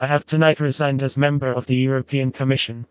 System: TTS, vocoder